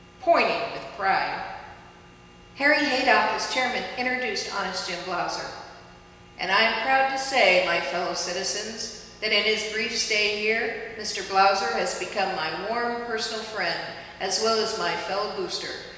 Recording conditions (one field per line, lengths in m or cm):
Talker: one person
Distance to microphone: 1.7 m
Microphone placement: close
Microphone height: 1.0 m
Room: very reverberant, large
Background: none